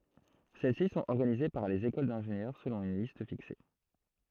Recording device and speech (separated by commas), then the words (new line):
throat microphone, read sentence
Celles-ci sont organisées par les écoles d’ingénieurs selon une liste fixée.